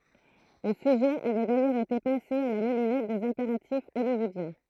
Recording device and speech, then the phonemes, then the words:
throat microphone, read sentence
lə syʒɛ avɛ dajœʁz ete pase a la mulinɛt dez ɛ̃peʁatif ɔljwɔodjɛ̃
Le sujet avait d'ailleurs été passé à la moulinette des impératifs hollywoodiens.

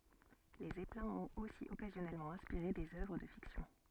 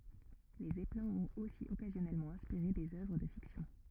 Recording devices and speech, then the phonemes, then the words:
soft in-ear microphone, rigid in-ear microphone, read sentence
le zɛplɛ̃z ɔ̃t osi ɔkazjɔnɛlmɑ̃ ɛ̃spiʁe dez œvʁ də fiksjɔ̃
Les zeppelins ont aussi occasionnellement inspiré des œuvres de fiction.

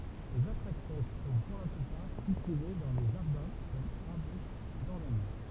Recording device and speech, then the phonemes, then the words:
temple vibration pickup, read sentence
lez otʁz ɛspɛs sɔ̃ puʁ la plypaʁ kyltive dɑ̃ le ʒaʁdɛ̃ kɔm aʁbyst dɔʁnəmɑ̃
Les autres espèces sont pour la plupart cultivées dans les jardins comme arbustes d'ornement.

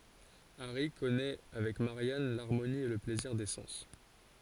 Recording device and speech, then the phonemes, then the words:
forehead accelerometer, read sentence
aʁi kɔnɛ avɛk maʁjan laʁmoni e lə plɛziʁ de sɑ̃s
Harry connaît avec Marianne l'harmonie et le plaisir des sens.

